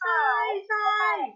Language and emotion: Thai, happy